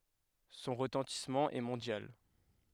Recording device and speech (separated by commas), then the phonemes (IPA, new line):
headset microphone, read sentence
sɔ̃ ʁətɑ̃tismɑ̃ ɛ mɔ̃djal